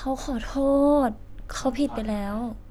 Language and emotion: Thai, sad